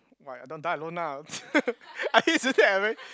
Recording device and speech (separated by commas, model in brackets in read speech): close-talking microphone, conversation in the same room